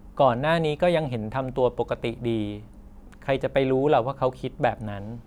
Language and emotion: Thai, neutral